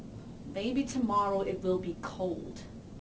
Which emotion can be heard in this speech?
disgusted